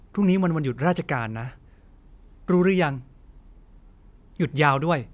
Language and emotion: Thai, neutral